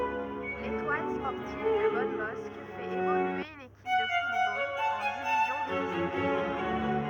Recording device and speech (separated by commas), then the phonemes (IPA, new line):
rigid in-ear microphone, read sentence
letwal spɔʁtiv də bɔnbɔsk fɛt evolye yn ekip də futbol ɑ̃ divizjɔ̃ də distʁikt